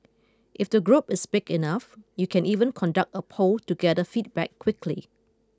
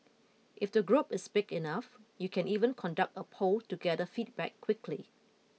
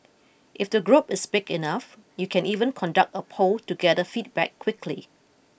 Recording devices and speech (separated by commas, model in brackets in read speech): close-talking microphone (WH20), mobile phone (iPhone 6), boundary microphone (BM630), read sentence